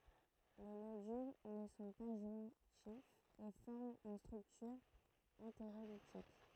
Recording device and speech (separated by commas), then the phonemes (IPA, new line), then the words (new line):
throat microphone, read sentence
le nodyl nə sɔ̃ pa ʒwɛ̃tifz e fɔʁmt yn stʁyktyʁ ɑ̃teʁolitik
Les nodules ne sont pas jointifs et forment une structure entérolitique.